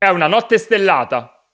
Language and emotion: Italian, angry